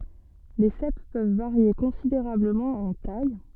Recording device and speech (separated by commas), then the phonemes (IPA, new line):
soft in-ear microphone, read sentence
le sɛp pøv vaʁje kɔ̃sideʁabləmɑ̃ ɑ̃ taj